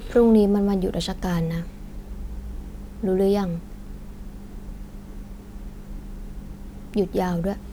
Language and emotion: Thai, frustrated